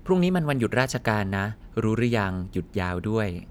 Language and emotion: Thai, neutral